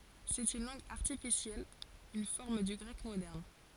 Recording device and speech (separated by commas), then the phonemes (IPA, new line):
forehead accelerometer, read sentence
sɛt yn lɑ̃ɡ aʁtifisjɛl yn fɔʁm dy ɡʁɛk modɛʁn